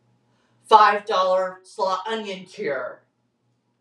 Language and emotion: English, neutral